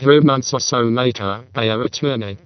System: VC, vocoder